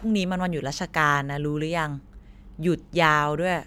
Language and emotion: Thai, neutral